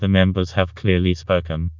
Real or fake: fake